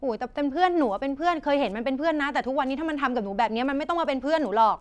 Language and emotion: Thai, frustrated